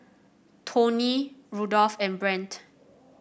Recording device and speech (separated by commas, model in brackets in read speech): boundary microphone (BM630), read sentence